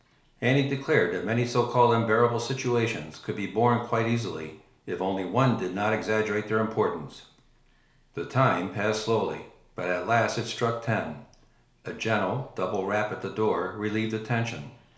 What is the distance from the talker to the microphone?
1.0 m.